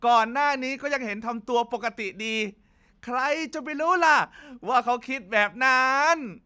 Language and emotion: Thai, happy